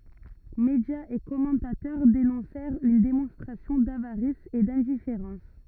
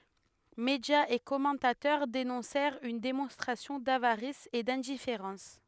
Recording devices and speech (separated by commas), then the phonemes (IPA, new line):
rigid in-ear microphone, headset microphone, read sentence
medjaz e kɔmɑ̃tatœʁ denɔ̃sɛʁt yn demɔ̃stʁasjɔ̃ davaʁis e dɛ̃difeʁɑ̃s